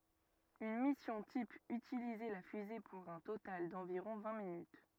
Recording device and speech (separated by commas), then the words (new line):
rigid in-ear microphone, read sentence
Une mission type utilisait la fusée pour un total d’environ vingt minutes.